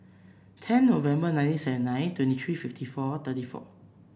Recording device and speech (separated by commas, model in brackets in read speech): boundary microphone (BM630), read sentence